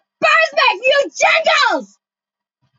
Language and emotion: English, disgusted